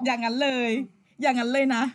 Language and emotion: Thai, happy